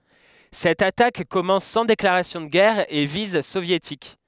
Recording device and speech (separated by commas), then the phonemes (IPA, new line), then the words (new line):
headset microphone, read sentence
sɛt atak kɔmɑ̃s sɑ̃ deklaʁasjɔ̃ də ɡɛʁ a e viz sovjetik
Cette attaque commence sans déclaration de guerre à et vise soviétiques.